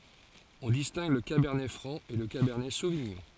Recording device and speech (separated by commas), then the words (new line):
forehead accelerometer, read sentence
On distingue le cabernet franc et le cabernet sauvignon.